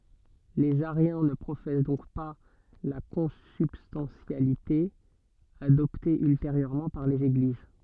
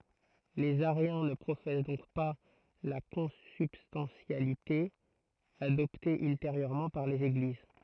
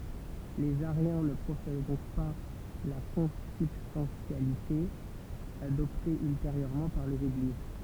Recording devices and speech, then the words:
soft in-ear microphone, throat microphone, temple vibration pickup, read sentence
Les ariens ne professent donc pas la consubstantialité, adoptée ultérieurement par les Églises.

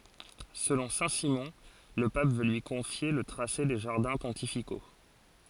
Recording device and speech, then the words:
forehead accelerometer, read sentence
Selon Saint-Simon, le pape veut lui confier le tracé des jardins pontificaux.

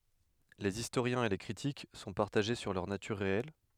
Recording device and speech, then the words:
headset microphone, read sentence
Les historiens et les critiques sont partagés sur leur nature réelle.

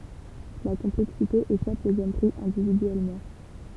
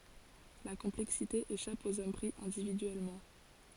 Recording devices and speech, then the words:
temple vibration pickup, forehead accelerometer, read sentence
La complexité échappe aux hommes pris individuellement.

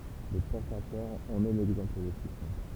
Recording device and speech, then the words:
temple vibration pickup, read sentence
Le pentachore en est l'exemple le plus simple.

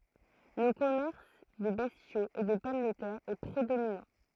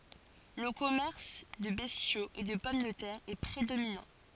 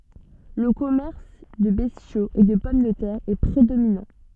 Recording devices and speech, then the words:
throat microphone, forehead accelerometer, soft in-ear microphone, read sentence
Le commerce de bestiaux et de pommes de terre est prédominant.

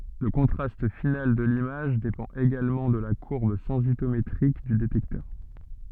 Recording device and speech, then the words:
soft in-ear microphone, read sentence
Le contraste final de l'image dépend également de la courbe sensitométrique du détecteur.

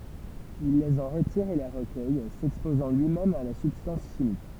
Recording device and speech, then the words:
temple vibration pickup, read sentence
Il les en retire et les recueille, s'exposant lui-même à la substance chimique.

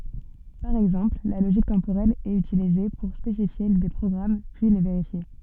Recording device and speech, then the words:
soft in-ear microphone, read sentence
Par exemple, la logique temporelle est utilisée pour spécifier des programmes puis les vérifier.

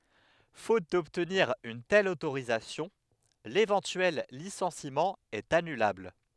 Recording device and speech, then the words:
headset microphone, read sentence
Faute d'obtenir une telle autorisation, l'éventuel licenciement est annulable.

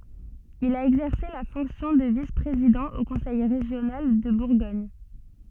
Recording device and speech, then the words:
soft in-ear microphone, read sentence
Il a exercé la fonction de vice-président au conseil régional de Bourgogne.

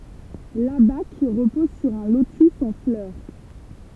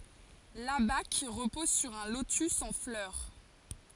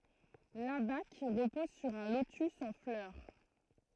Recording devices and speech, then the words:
temple vibration pickup, forehead accelerometer, throat microphone, read sentence
L'abaque repose sur un lotus en fleur.

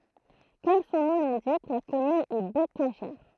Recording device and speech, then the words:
throat microphone, read sentence
Comme son nom l'indique, la commune est bocagère.

